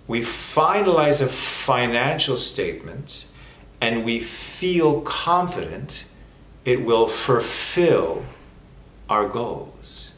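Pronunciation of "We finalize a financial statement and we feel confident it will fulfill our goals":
The sentence is said slowly, and the f sounds are drawn out long.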